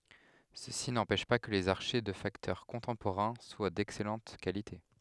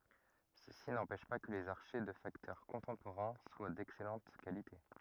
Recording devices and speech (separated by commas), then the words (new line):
headset microphone, rigid in-ear microphone, read sentence
Ceci n'empêche pas que les archets de facteurs contemporains soient d'excellente qualité.